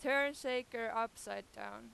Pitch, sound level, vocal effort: 230 Hz, 97 dB SPL, very loud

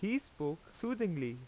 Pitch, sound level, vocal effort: 170 Hz, 88 dB SPL, very loud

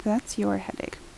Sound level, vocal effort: 70 dB SPL, soft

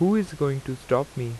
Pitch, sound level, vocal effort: 135 Hz, 84 dB SPL, normal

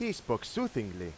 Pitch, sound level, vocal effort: 160 Hz, 92 dB SPL, loud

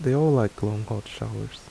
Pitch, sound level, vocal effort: 110 Hz, 75 dB SPL, soft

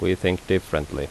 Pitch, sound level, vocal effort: 90 Hz, 79 dB SPL, normal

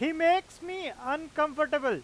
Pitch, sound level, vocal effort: 305 Hz, 100 dB SPL, very loud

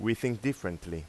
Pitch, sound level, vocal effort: 115 Hz, 88 dB SPL, normal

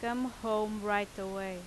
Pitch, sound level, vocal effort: 210 Hz, 88 dB SPL, loud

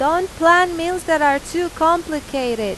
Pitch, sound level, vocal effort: 325 Hz, 94 dB SPL, very loud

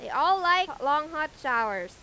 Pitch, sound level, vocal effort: 295 Hz, 100 dB SPL, very loud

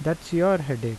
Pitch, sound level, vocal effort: 160 Hz, 83 dB SPL, normal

